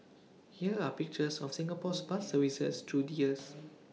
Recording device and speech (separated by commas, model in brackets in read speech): mobile phone (iPhone 6), read sentence